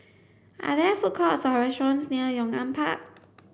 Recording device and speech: boundary microphone (BM630), read sentence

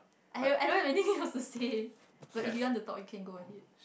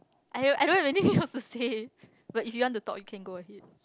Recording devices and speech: boundary microphone, close-talking microphone, conversation in the same room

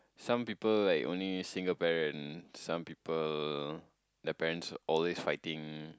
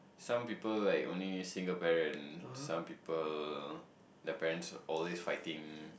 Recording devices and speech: close-talking microphone, boundary microphone, conversation in the same room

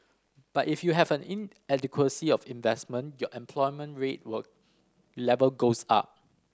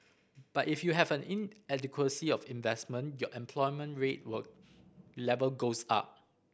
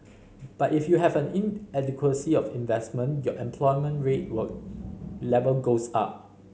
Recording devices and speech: standing microphone (AKG C214), boundary microphone (BM630), mobile phone (Samsung C5010), read sentence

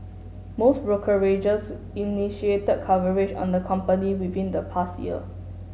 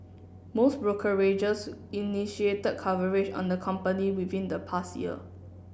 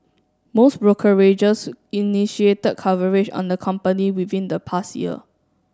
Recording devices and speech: mobile phone (Samsung S8), boundary microphone (BM630), standing microphone (AKG C214), read sentence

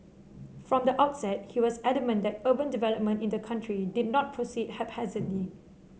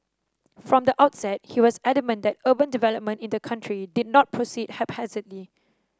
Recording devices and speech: mobile phone (Samsung C7), standing microphone (AKG C214), read sentence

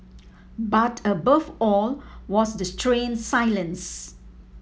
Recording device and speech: mobile phone (iPhone 7), read sentence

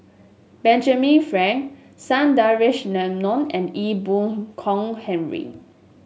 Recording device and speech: mobile phone (Samsung S8), read sentence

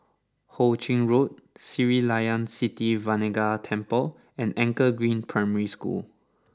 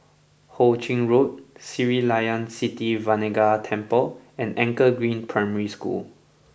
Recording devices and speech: standing microphone (AKG C214), boundary microphone (BM630), read sentence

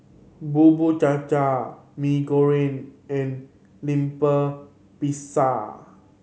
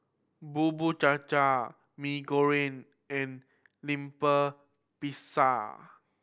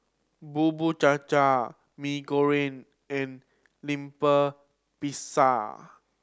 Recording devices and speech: mobile phone (Samsung C7100), boundary microphone (BM630), standing microphone (AKG C214), read sentence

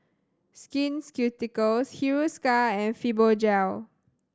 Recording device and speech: standing microphone (AKG C214), read sentence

